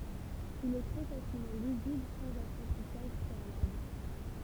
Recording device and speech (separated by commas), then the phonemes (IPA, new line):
temple vibration pickup, read sentence
il ɛ tʁɛ fasilmɑ̃ lizibl sɑ̃z apʁɑ̃tisaʒ pʁealabl